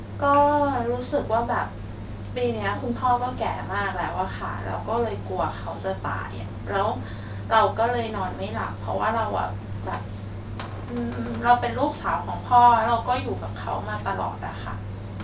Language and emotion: Thai, sad